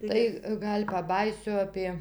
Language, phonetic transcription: Lithuanian, ˈtai ˈgal' paˈbajysiu ˈapie

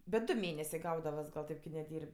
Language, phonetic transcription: Lithuanian, bet ˈdu ˈmėnesė ˈgaudavas gal ˈtėp ki neˈdyr'b'

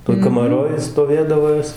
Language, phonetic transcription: Lithuanian, toj kamaˈroj stoˈvėdavo ˈjos

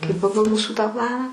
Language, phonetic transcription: Lithuanian, kai ˈpagal ˈmūsų tą ˈplaną

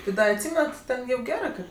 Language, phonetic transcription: Lithuanian, ti ˈda atˈsymenat ˈten ˈjau ˈgerɜ ˈkɜ

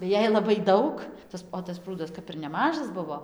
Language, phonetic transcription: Lithuanian, tai ˈjei ˌlabai ˈdaug ˈtas o tas ˈprūdas ˈkap ir neˈmažas ˈbuvo

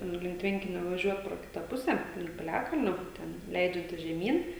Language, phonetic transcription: Lithuanian, ˈnu link ˈtvenkinia vaˈžiuot pro ˈkita ˈpuse link piˈliakalnio ˈten ˈleidžiantis žeˈmyn

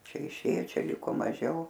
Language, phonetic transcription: Lithuanian, ˈčia iˈšėjo ˈčia ˈliko maˈžiau

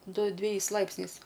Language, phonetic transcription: Lithuanian, ˈdu dveˈjais ˈlaipsniais

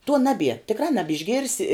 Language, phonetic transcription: Lithuanian, tuo ˈnabie tikˈrā ˈnabišgirsi

